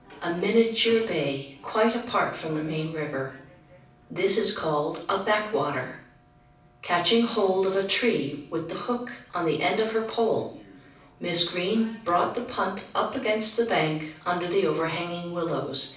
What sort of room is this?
A medium-sized room (about 5.7 m by 4.0 m).